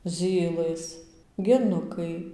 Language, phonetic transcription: Lithuanian, ˈzylɘs geˈnukai

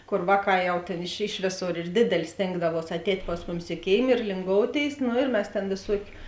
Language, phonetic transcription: Lithuanian, ˈkor ˈvāˌkā ˈjau ˈtėn iš ˈiš vėˌsor ir ˈdėdelė ˈstėngdavuos atˈēt' ˈpas muˌmis i ˈkėim ir linˈgouˌtėis ˈno ir ˈmes tėn vėˈsuokiu

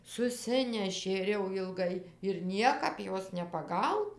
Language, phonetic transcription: Lithuanian, suˈsinešė ir jau jilˈgai ir ˈniekap ˈjos nepaˈgauna

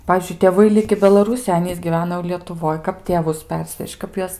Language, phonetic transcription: Lithuanian, ˈpavyzdžiui tėˈvai ˈliki belaˈrūsijoj ˈanys gyˈvena jau lietuˈvoj ˈkap tėˈvus ˈpersveš'č' ˈkap juos

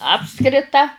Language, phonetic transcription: Lithuanian, ˈapskrita

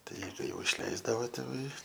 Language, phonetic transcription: Lithuanian, ˈtai kai jau išˈleisdavo tėˈvai

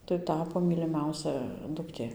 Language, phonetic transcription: Lithuanian, tai ˈtapo myliˈmiausia dukˈtė

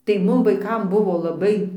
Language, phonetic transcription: Lithuanian, tai ˈmum vaiˈkam ˈbuvo laˈbai

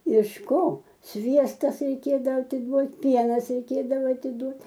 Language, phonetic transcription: Lithuanian, iš ˈko ˈsviestas reiˈkėdavo atiˈduot' ˈpienas reiˈkėdavo atiˈduot

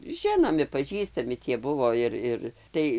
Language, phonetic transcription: Lithuanian, ˈžinomi paˈžįstami tie ˈbuvo ˈir ˈir ˈtai

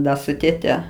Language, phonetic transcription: Lithuanian, ˈda su tėˈte

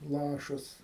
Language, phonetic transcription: Lithuanian, ˈlašas

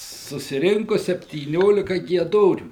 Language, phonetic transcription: Lithuanian, susiˈrinku septyˈniolika gieˈdorių

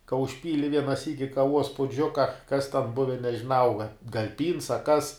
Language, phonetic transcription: Lithuanian, ka užˈpyli ˈviena ˈsyki kaˈvuos puˈdžiuka kas ten ˈbuve nežiˈnau ga gal' pyns a ˈkas

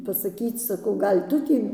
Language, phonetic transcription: Lithuanian, pasaˈkyc saˈkau ˈgal' ˈtu tį

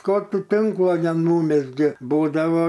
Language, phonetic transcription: Lithuanian, ko ˈtu ˈtinklo neˈnūmezgė ˈbūdavo

